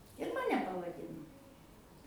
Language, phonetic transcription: Lithuanian, ir maˈne pavaˈdino

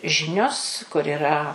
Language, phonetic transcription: Lithuanian, ˈžinios kur iˈra

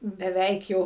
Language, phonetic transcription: Lithuanian, beˈveik jau

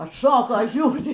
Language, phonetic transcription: Lithuanian, atˈšoko ˈžiūri

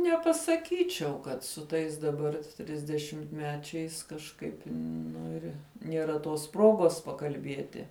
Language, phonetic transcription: Lithuanian, nepasaˈkyčiau kad su ˈtais daˈbar trisdešimtˈmečiais kažˈkaip ˈnu ir nieˈra tos ˈprogos pakalˈbieti

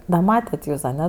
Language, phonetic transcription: Lithuanian, da ˈmatet ˈjūs aˈne

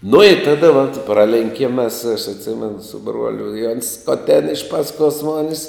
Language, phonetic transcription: Lithuanian, nu i ˈtada vat ˈpralenkiem mes aš atˈsimenu su ˈbruoliu i ˈons ˈskot tėn iš ˈpasˌkos ˈmonis

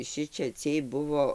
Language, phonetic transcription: Lithuanian, ˈšičia ˈciej ˈbuvo

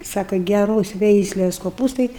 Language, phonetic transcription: Lithuanian, ˈsako geˈros ˈveislės koˈpūstai

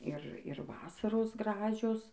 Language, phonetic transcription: Lithuanian, ˈir ˈir ˈvasaros ˈgražios

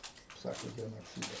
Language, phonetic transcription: Lithuanian, kaip ˈsako genoˈcydas

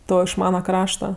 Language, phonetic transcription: Lithuanian, ˈto iš ˈmana ˈkrašta

